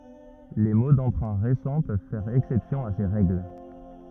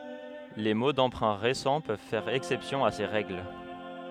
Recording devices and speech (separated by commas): rigid in-ear microphone, headset microphone, read sentence